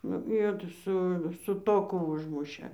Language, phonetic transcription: Lithuanian, nu ˈjo ta ˈsu su ˈtoku ˈužmušė

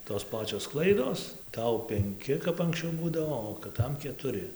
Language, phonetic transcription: Lithuanian, tos ˈpačios ˈklaidos ˈtau penˈki kap anksˈčiau ˈbūdavo o kɨˈtam ketuˈri

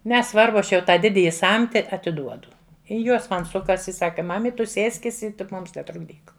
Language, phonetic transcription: Lithuanian, neˈsvarbu ˈaš jau ˈtą ˈdidiji ˈsamti atiˈduodu i ˈjuos ˈman ˈsukas i ˈsaka ˈmamit ˈtu ˈsėskis i tik ˈmums netrukˈdyk

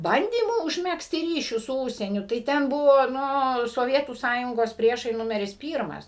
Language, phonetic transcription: Lithuanian, ˈbandymų užˈmegzti ˈryšius su ˈūžsieniu tai ˈten ˈbuvo ˈnu soˈvietų ˈsąjungos ˈpriešai ˈnumeris ˈpyrmas

